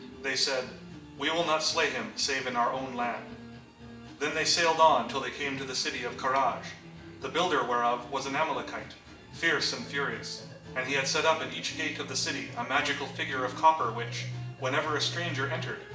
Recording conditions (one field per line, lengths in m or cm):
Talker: one person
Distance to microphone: 1.8 m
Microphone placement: close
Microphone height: 1.0 m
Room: large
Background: music